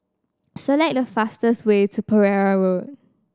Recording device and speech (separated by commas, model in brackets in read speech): standing microphone (AKG C214), read sentence